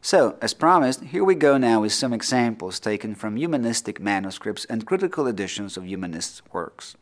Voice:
low tone